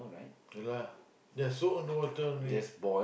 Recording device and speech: boundary microphone, conversation in the same room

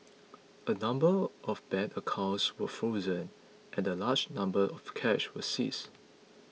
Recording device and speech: mobile phone (iPhone 6), read sentence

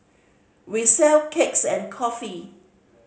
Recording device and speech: mobile phone (Samsung C5010), read sentence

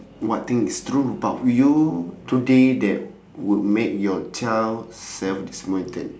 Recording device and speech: standing microphone, conversation in separate rooms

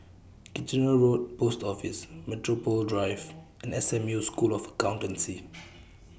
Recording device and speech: boundary microphone (BM630), read sentence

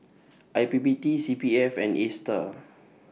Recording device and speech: mobile phone (iPhone 6), read sentence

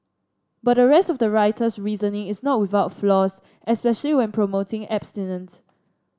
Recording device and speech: standing microphone (AKG C214), read sentence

